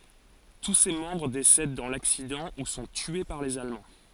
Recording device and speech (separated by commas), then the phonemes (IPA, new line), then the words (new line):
forehead accelerometer, read sentence
tu se mɑ̃bʁ desɛd dɑ̃ laksidɑ̃ u sɔ̃ tye paʁ lez almɑ̃
Tous ses membres décèdent dans l’accident ou sont tués par les Allemands.